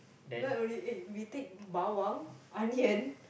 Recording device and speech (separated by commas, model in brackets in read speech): boundary microphone, conversation in the same room